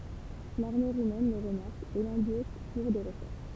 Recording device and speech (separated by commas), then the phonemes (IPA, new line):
temple vibration pickup, read sentence
laʁme ʁumɛn lə ʁəmaʁk e lɑ̃boʃ puʁ de ʁəʃɛʁʃ